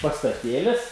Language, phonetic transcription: Lithuanian, pastaˈtėlis

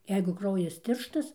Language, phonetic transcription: Lithuanian, ˈjeigu ˈkraujas ˈtirštas

